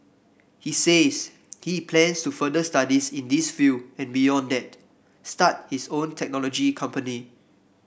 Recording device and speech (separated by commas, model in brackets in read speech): boundary microphone (BM630), read sentence